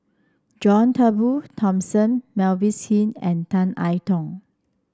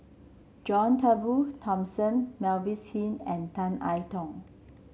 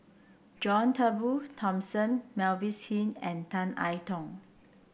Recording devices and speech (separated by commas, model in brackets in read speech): standing microphone (AKG C214), mobile phone (Samsung C7), boundary microphone (BM630), read sentence